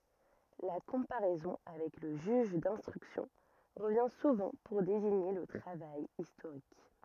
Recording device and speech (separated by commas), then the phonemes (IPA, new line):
rigid in-ear microphone, read sentence
la kɔ̃paʁɛzɔ̃ avɛk lə ʒyʒ dɛ̃stʁyksjɔ̃ ʁəvjɛ̃ suvɑ̃ puʁ deziɲe lə tʁavaj istoʁik